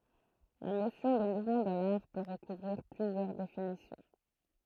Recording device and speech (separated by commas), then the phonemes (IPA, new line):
throat microphone, read sentence
la nosjɔ̃ də muvmɑ̃ dɑ̃ laʁ pø ʁəkuvʁiʁ plyzjœʁ definisjɔ̃